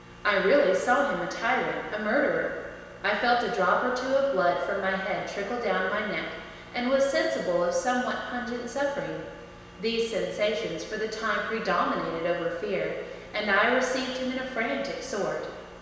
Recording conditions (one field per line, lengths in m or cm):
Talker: one person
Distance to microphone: 1.7 m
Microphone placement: close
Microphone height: 1.0 m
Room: very reverberant, large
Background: none